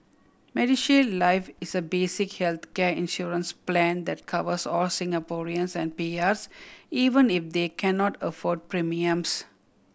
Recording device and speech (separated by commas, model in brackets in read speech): boundary microphone (BM630), read sentence